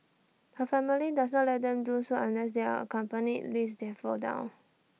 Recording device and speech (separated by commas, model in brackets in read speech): mobile phone (iPhone 6), read sentence